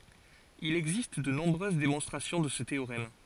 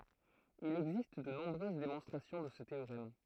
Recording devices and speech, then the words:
forehead accelerometer, throat microphone, read sentence
Il existe de nombreuses démonstrations de ce théorème.

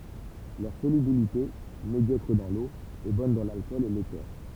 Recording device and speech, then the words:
temple vibration pickup, read sentence
Leur solubilité, médiocre dans l'eau, est bonne dans l'alcool et l'éther.

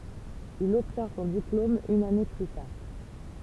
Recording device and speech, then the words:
temple vibration pickup, read sentence
Il obtient son diplôme une année plus tard.

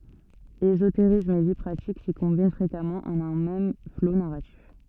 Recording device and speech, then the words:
soft in-ear microphone, read sentence
Ésotérisme et vie pratique s'y combinent fréquemment en un même flot narratif.

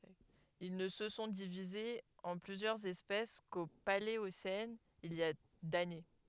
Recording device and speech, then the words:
headset microphone, read sentence
Ils ne se sont divisés en plusieurs espèces qu'au Paléocène, il y a d'années.

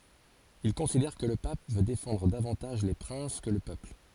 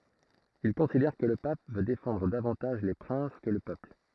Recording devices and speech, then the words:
forehead accelerometer, throat microphone, read sentence
Il considère que le Pape veut défendre davantage les princes que le peuple.

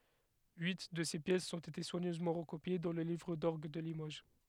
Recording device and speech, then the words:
headset microphone, read sentence
Huit de ces pièces ont été soigneusement recopiées dans le Livre d'orgue de Limoges.

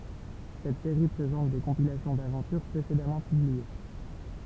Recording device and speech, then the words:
temple vibration pickup, read sentence
Cette série présente des compilations d'aventures précédemment publiées.

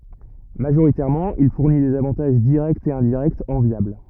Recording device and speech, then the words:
rigid in-ear microphone, read sentence
Majoritairement il fournit des avantages directs et indirects enviables.

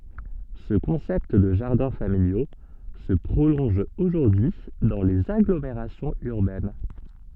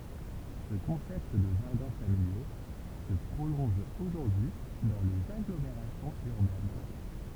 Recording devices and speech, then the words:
soft in-ear microphone, temple vibration pickup, read sentence
Ce concept de jardins familiaux se prolonge aujourd'hui dans les agglomérations urbaines.

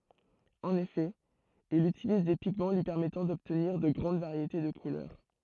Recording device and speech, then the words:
throat microphone, read sentence
En effet, il utilise des pigments lui permettant d'obtenir de grandes variétés de couleurs.

